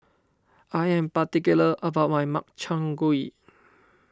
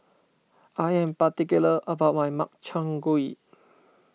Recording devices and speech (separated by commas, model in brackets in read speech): standing microphone (AKG C214), mobile phone (iPhone 6), read sentence